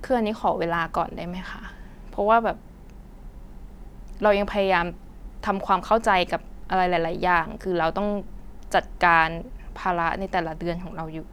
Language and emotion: Thai, sad